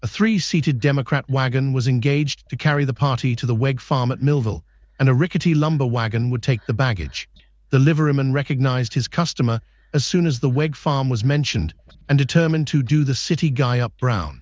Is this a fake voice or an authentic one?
fake